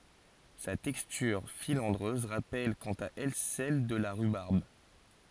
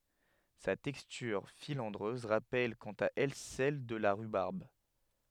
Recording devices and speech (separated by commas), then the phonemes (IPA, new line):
forehead accelerometer, headset microphone, read sentence
sa tɛkstyʁ filɑ̃dʁøz ʁapɛl kɑ̃t a ɛl sɛl də la ʁybaʁb